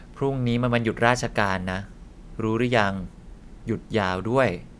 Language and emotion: Thai, neutral